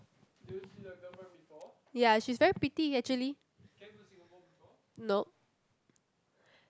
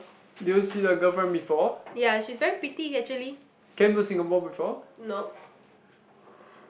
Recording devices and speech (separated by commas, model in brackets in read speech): close-talking microphone, boundary microphone, conversation in the same room